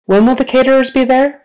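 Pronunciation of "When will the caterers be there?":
The sentence is said in a natural manner and at natural speed, not slowly.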